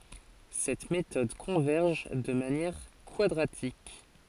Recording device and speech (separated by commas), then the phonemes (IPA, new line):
forehead accelerometer, read sentence
sɛt metɔd kɔ̃vɛʁʒ də manjɛʁ kwadʁatik